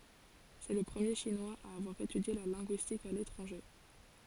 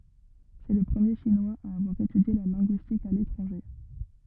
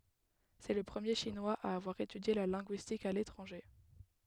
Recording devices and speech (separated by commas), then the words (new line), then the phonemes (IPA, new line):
forehead accelerometer, rigid in-ear microphone, headset microphone, read sentence
C'est le premier Chinois à avoir étudié la linguistique à l'étranger.
sɛ lə pʁəmje ʃinwaz a avwaʁ etydje la lɛ̃ɡyistik a letʁɑ̃ʒe